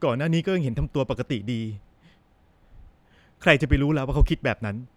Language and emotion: Thai, sad